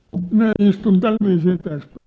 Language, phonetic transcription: Finnish, minä 'istun "tälviisii täs .
- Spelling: minä istun tällä viisiin tässä

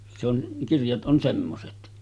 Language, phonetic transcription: Finnish, se ‿on , 'kirjat ’on 'semmoset .
- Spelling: se on kirjat on semmoiset

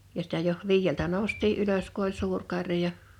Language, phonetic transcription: Finnish, ja sitä joh , 'viijjeltä nòu̬st̀ii '’ylös ku ‿oĺ 'suur 'karja ,.
- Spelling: ja sitä jo viideltä noustiin ylös kun oli suuri karja

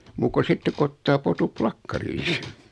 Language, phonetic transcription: Finnish, 'muuk ku 'sittek ku ottaa 'potup "plakkarii .
- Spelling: muuta kuin sitten kun ottaa potut plakkariin

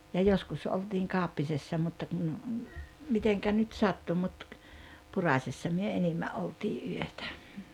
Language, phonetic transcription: Finnish, ja 'joskus oltiiŋ 'Kàoppisessa mutta kun , 'miteŋkä nyt "sattu mut , 'Puràśessa myö 'enimmä ’oltii '’yötä .
- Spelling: ja joskus oltiin Kauppisessa mutta kun miten nyt sattui mutta Purasessa me enimmän oltiin yötä

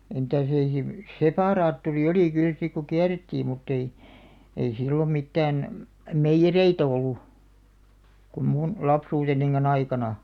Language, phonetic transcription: Finnish, e- mⁱtä̀s ei (sil-) , "sepa'raatturi 'olì 'kyl sik ku "kiärettiim mutt ‿ei , ei 'sillom 'mittään , "meijjerei't ‿ollu , kum mun , 'lapsuutenniŋkan'n ‿aikana .
- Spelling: - mitäs ei - separaattori oli kyllä sitten kun kierrettiin mutta ei ei silloin mitään meijereitä ollut kun minun lapsuutenikaan aikana

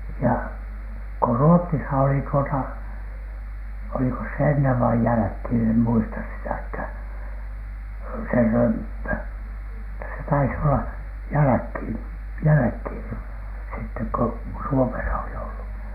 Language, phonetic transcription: Finnish, ja , ko "Ruottisa oli tuota , olikos se ennev vai jäläkhìn em muista 'sitäkhä̀n , se "römppö , (mut)ta se tais olla , 'jäläkhìn , "jäläkhìn sittek ko , "Suomesa oli ollu .
- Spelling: ja kun Ruotsissa oli tuota olikos se ennen vai jälkeen en muista sitäkään se römppö mutta se taisi olla jälkeen jälkeen sitten kun Suomessa oli ollut

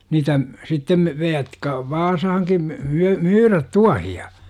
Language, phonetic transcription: Finnish, 'niitä , 'sittem , ve- jotka "Vaasahaŋkim m- , 'my- , "myyrät 'tuahi₍a .
- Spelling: niitä sitten - jotka Vaasaankin - - myydä tuohia

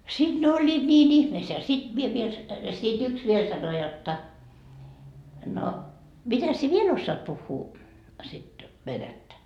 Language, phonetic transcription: Finnish, 'siD ne oĺĺiit 'ńiin 'ihmeesseä ja siD 'mie viel , sit 'yks 'viel sano jotta » no , 'mitäs sie "viel ossaat 'puhhuu , sit "venättä ? »
- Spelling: sitten ne olivat niin ihmeessään ja sitten minä vielä sitten yksi vielä sanoi jotta no mitäs sinä vielä osaat puhua sitä venäjää

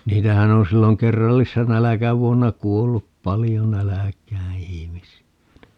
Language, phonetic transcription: Finnish, 'niitähän ‿on 'silloŋ "kerrallissa 'näläkävuonna "kuollup 'palijo 'näläk̀ää 'ihimisi₍ä (ni) .
- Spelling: niitähän on silloin kerrallisena nälkävuonna kuollut paljon nälkään ihmisiä niin

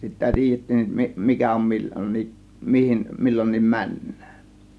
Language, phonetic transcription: Finnish, sittä (tiijettiin) mi- mikä on 'millońniiˀ , mihim 'millońniim 'mäǹnÄÄN .
- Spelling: sitten tiedettiin - mikä on milloinkin mihin milloinkin mennään

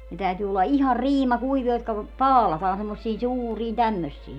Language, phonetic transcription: Finnish, ne 'täytyy olla 'ihar "riima 'kuivia jotka , "paalataan semmossiin "suuriin 'tämmössiin .
- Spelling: ne täytyy olla ihan - riimakuivia jotka paalataan semmoisiin suuriin tämmöisiin

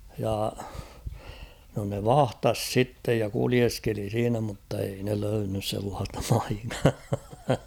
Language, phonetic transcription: Finnish, ja , no ne "vahtas 'sittej ja "kulieskeli 'siinä muttei ne 'löynnys sellaastᴀ pᴀɪkkᴀᴀ .
- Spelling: ja no ne vahtasi sitten ja kuljeskeli siinä mutta ei ne löytänyt sellaista paikkaa

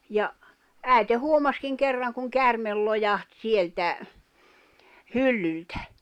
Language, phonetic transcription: Finnish, ja , 'ä̀i̬te 'huomaskiŋ 'kerraŋ kuŋ 'kärmel lojaht 'sieltä , "hyllyltᴀ̈ .
- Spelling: ja äiti huomasikin kerran kun käärme lojahti sieltä hyllyltä

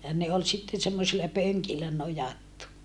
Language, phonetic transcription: Finnish, ja ne ol sitten semmosila pöŋkillä nojattu .
- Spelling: ja ne oli sitten semmoisilla pönkillä nojattu

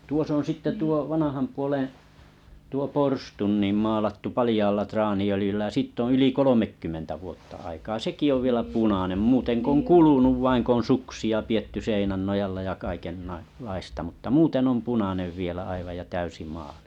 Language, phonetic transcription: Finnish, tuos ‿on sitte 'tuo 'vanaham puoleḛ , tuo 'porstun nim maalattu 'palĭjaalla 'trani₍öliⁱjyllä ja 'siitt ‿on̬ yli 'kolomekkymmentä vuotta aikaa "seki ov vielä 'punànem 'muuteŋ k ‿oŋ 'kulunuv vaiŋ 'k ‿oo̰ "suksi₍a pietty 'sèinän 'nojalla ja 'kaikennai- -laista mutta 'muuteŋ om 'punanev 'vielä aivaj ja 'täysi maalɪ .
- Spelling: tuossa on sitten tuo vanhan puolen tuo porstua niin maalattu paljaalla traaniöljyllä ja siitä on yli kolmekymmentä vuotta aikaa sekin on vielä punainen muuten kun on kulunut vain kun on suksia pidetty seinän nojalla ja - kaikenlaista mutta muuten on punainen vielä aivan ja täysi maali

